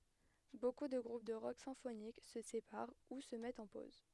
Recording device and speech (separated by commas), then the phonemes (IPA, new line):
headset microphone, read sentence
boku də ɡʁup də ʁɔk sɛ̃fonik sə sepaʁ u sə mɛtt ɑ̃ poz